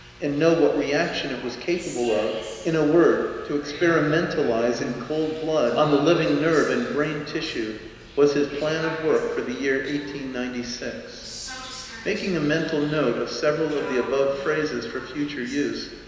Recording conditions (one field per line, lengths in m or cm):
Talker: one person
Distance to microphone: 1.7 m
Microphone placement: close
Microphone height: 1.0 m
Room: very reverberant, large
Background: television